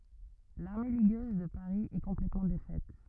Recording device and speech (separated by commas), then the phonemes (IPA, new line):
rigid in-ear microphone, read sentence
laʁme liɡøz də paʁi ɛ kɔ̃plɛtmɑ̃ defɛt